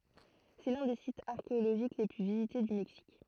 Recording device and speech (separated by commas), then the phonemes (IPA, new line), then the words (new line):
throat microphone, read sentence
sɛ lœ̃ de sitz aʁkeoloʒik le ply vizite dy mɛksik
C’est l'un des sites archéologiques les plus visités du Mexique.